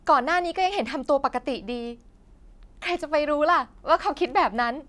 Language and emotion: Thai, happy